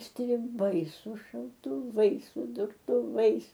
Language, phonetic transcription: Lithuanian, striˈbai su šautuˈvais su durtuˈvais

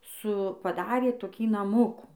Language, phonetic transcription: Lithuanian, su paˈdarė toˈkį naˈmukų

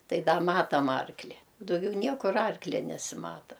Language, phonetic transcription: Lithuanian, ˈtai ˈda ˈmatam ˈarkli u dauˈgiau ˈniekur ˈarklia nesiˈmata

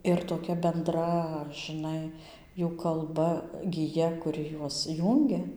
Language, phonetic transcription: Lithuanian, ir toˈkia benˈdra žiˈnai ˈjų kalˈba giˈja kuˈri ˈjuos ˈjūngia

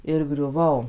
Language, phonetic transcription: Lithuanian, ir griuˈvau

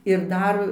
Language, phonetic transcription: Lithuanian, ir ˈdar

